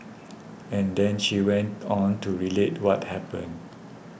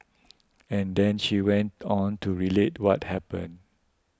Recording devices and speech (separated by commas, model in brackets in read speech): boundary microphone (BM630), close-talking microphone (WH20), read sentence